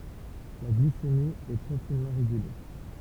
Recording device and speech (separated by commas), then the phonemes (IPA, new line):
temple vibration pickup, read sentence
la ɡlisemi ɛ tʁɛ finmɑ̃ ʁeɡyle